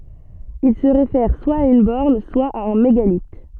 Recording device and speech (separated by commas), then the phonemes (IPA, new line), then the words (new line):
soft in-ear microphone, read sentence
il sə ʁefɛʁ swa a yn bɔʁn swa a œ̃ meɡalit
Il se réfère soit à une borne, soit à un mégalithe.